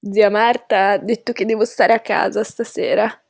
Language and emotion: Italian, disgusted